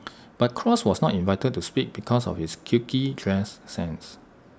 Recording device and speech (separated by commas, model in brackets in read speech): standing microphone (AKG C214), read sentence